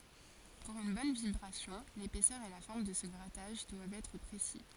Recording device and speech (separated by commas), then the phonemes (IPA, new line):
forehead accelerometer, read sentence
puʁ yn bɔn vibʁasjɔ̃ lepɛsœʁ e la fɔʁm də sə ɡʁataʒ dwavt ɛtʁ pʁesi